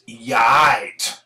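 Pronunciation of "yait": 'You're all right' is pronounced as 'yait', a pronunciation common in London and the southeast of England.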